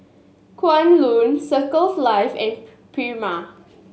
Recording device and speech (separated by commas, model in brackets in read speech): mobile phone (Samsung S8), read sentence